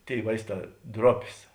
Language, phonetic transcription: Lithuanian, ˈtėi ˈvaisˌtā ˈdropės

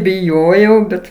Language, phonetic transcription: Lithuanian, biˈjojau ˈbet

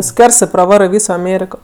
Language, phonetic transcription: Lithuanian, ˈskversɜ praˈvarɜ ˈvyso aˈmėriko

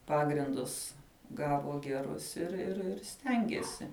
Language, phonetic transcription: Lithuanian, ˈpagrindus ˈgavo geˈrus ir ir ir ˈstengėsi

